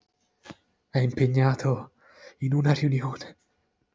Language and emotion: Italian, fearful